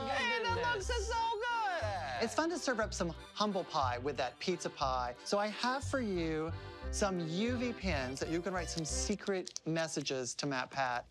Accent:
in italian accent